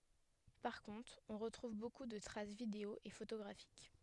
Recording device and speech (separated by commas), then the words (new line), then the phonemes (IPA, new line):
headset microphone, read sentence
Par contre, on retrouve beaucoup de traces vidéo et photographiques.
paʁ kɔ̃tʁ ɔ̃ ʁətʁuv boku də tʁas video e fotoɡʁafik